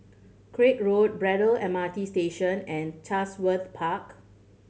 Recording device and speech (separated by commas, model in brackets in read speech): mobile phone (Samsung C7100), read sentence